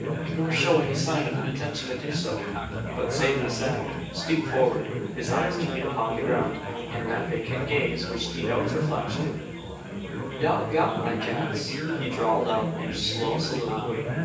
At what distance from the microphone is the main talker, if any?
9.8 m.